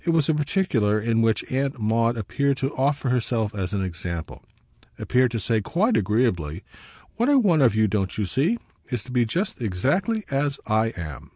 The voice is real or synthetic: real